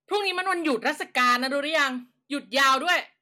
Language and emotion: Thai, angry